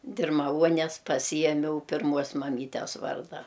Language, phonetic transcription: Lithuanian, dirmaˈvuones paˈsijemiau pirˈmuos maˈmytes ˈvarda

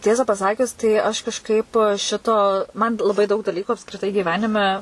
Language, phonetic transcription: Lithuanian, ˈtiesa pasaˈkius tai aš kažˈkaip ˈšito man laˈbai daug daˈlykų apskriˈtai gyˈvenime

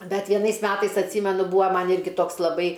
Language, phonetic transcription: Lithuanian, ˈbet vieˈnais ˈmetais atˈsymenu ˈbūa ˈman ˈirgi ˈtoks laˈbai

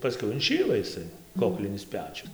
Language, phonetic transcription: Lithuanian, paˈskiau inˈšyla iˈsai ˈkoklinis ˈpečius

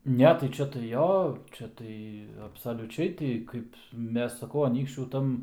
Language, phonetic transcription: Lithuanian, ˈne tai ˈčia tai ˈjo ˈčia tai absaliuˈčiai ˈti ˈkaip ˈmes saˈkau aˈnykščių ˈtam

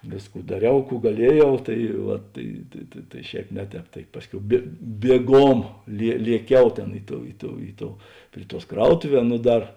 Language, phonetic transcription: Lithuanian, ˈvėsˌkų daˈriau ˈkų gaˈlieˌjau ˈtai vat tai ta tai ˈšēp ˈne ˌtēp tai ˈpasˌkiau bė bieˈgom lie lieˈkiau ˈtėn ˈi ˌtou ˈi ˌtou ˈi ˌtou ˈpri ˌtuos ˈkrautuˌvē ˈnu ˈdar

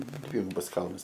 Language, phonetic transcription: Lithuanian, ˈdvigubas ˈkalnas

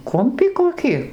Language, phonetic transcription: Lithuanian, ˈkumpį koˈki

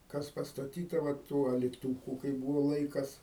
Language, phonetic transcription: Lithuanian, ˈkas pastaˈtyta va ˈtų aliˈtūku kai ˈbūvo ˈlaikas

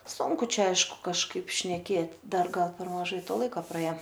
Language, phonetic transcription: Lithuanian, ˈsunku ˈčia ˈaišku kažˈkaip šneˈkėt ˈdar ˈgal per maˈžai ˈto ˈlaika praˈėo

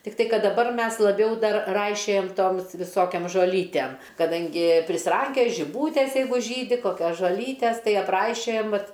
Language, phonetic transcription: Lithuanian, tikˈtai ˈkad daˈbar ˈmes laˈbiau ˈdar ˈraišiojam ˈtoms viˈsokiom žoˈlytem kaˈdangi prisiˈrankioj žiˈbūtės ˈjeigu ˈžydi koˈkios žoˈlytes tai apˈraišiojam ˈvat

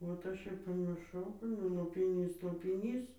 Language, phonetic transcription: Lithuanian, vat ˈaš ir pamirˈšau ˈnu lopiˈnys lopiˈnys

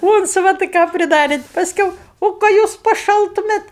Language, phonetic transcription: Lithuanian, ˈūncvatai ką priˈdarėt pasˈkiau ˈo ką ˈjūs paˈšaltumėt

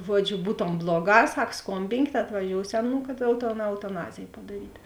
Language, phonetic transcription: Lithuanian, ˈžuodžiu ˈbūtom ˈbloˌgā ˈsak ˈskombinkėt atvaˈžiousio ˈnū kad ˈjau to eutaˈnazėj padaˈryt'

